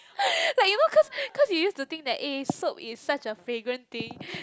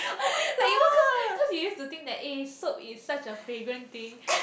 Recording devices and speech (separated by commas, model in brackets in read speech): close-talking microphone, boundary microphone, conversation in the same room